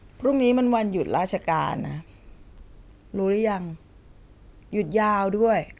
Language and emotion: Thai, neutral